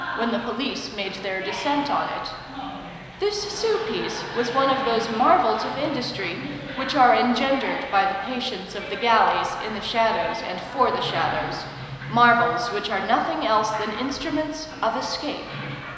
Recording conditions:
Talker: one person; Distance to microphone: 1.7 m; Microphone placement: close; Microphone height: 1.0 m; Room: very reverberant, large; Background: television

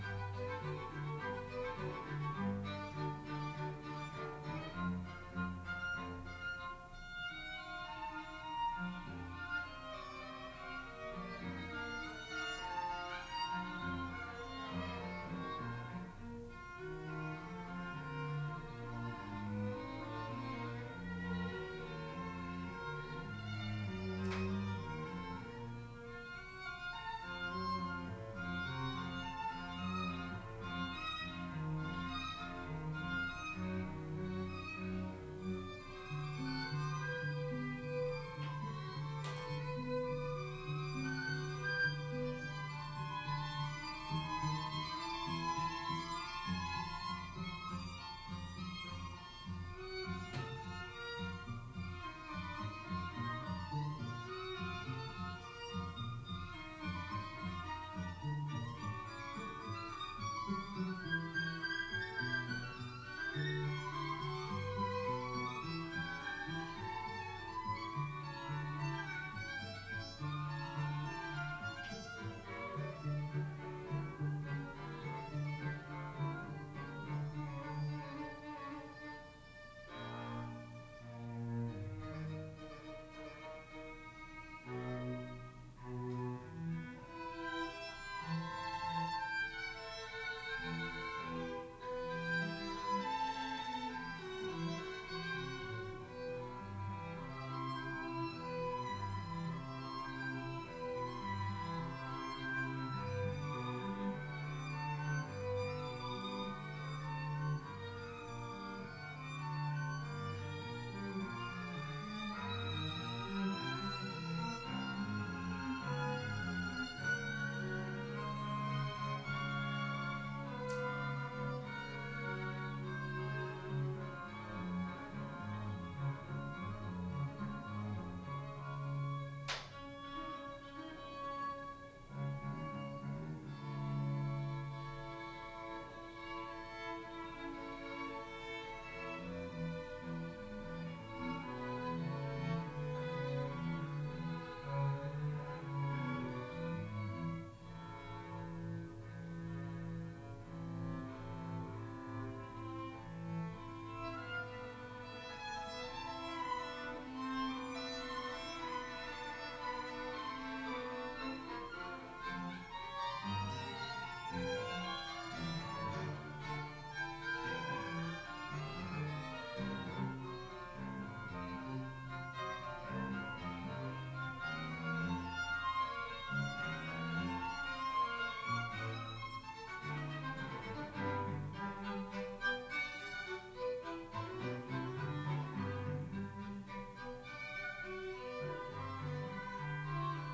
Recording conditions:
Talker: no one; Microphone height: 1.1 m; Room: small (3.7 m by 2.7 m); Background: music

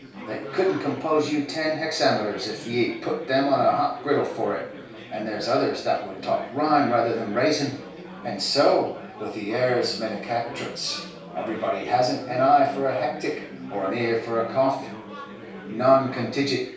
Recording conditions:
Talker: one person; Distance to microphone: 3.0 m; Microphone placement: far; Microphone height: 1.8 m; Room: small (3.7 m by 2.7 m); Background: babble

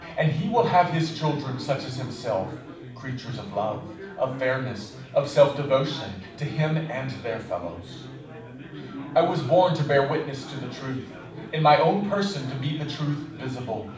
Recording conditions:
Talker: one person; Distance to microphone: 5.8 m; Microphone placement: far; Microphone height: 1.8 m; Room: medium-sized (5.7 m by 4.0 m); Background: babble

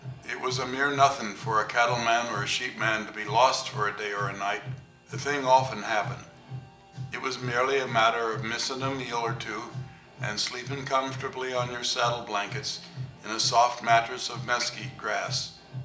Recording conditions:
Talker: one person; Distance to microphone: 1.8 m; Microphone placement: close; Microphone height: 1.0 m; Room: large; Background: music

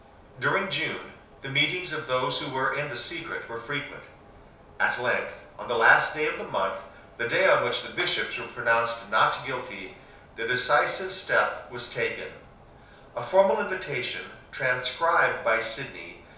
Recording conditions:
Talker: one person; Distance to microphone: 3.0 m; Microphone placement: far; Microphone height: 1.8 m; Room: small (3.7 m by 2.7 m); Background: none

